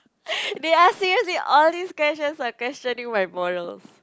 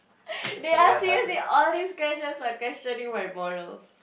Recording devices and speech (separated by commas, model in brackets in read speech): close-talking microphone, boundary microphone, conversation in the same room